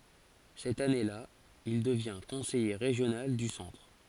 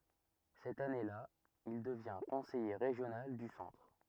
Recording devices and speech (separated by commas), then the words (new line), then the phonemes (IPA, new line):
forehead accelerometer, rigid in-ear microphone, read sentence
Cette année-là, il devient conseiller régional du Centre.
sɛt ane la il dəvjɛ̃ kɔ̃sɛje ʁeʒjonal dy sɑ̃tʁ